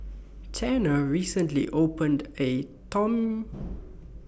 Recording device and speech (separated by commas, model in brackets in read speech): boundary microphone (BM630), read sentence